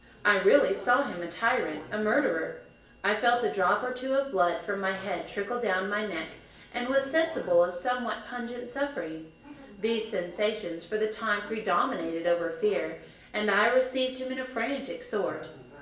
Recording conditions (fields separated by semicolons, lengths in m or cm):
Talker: one person; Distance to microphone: 1.8 m; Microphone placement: close; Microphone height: 1.0 m; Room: large; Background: television